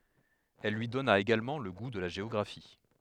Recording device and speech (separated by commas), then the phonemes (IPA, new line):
headset microphone, read sentence
il lyi dɔna eɡalmɑ̃ lə ɡu də la ʒeɔɡʁafi